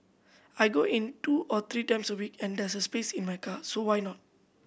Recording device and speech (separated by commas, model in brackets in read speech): boundary microphone (BM630), read sentence